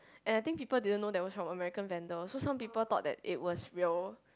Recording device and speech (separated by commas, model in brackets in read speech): close-talking microphone, conversation in the same room